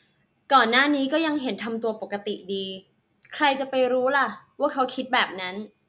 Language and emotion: Thai, neutral